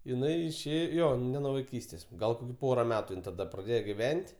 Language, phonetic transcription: Lithuanian, iˈnai išˈė ˈjo ne nuo vaiˈkystės ˈgal ˈpora ˈmetu ˈin taˈda praˈdėjo giˈven't'

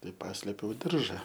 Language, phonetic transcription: Lithuanian, ˈtai ˈpaslėpiau ˈdirža

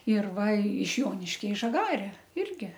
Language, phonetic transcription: Lithuanian, ir ˈva iš ˈjoniškia i žaˈgare ˈirgi

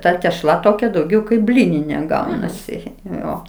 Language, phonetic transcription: Lithuanian, ˈta tešˈla toˈkia dauˈgiau kaip ˈblyninė ˈgaunasi ˈjo

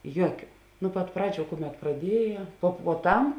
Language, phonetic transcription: Lithuanian, ˈjuokiu nu pat ˈpraˌdžių ˈkuˌmet praˈdieja po puoˈtam

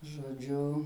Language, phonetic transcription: Lithuanian, žoˈdžiu

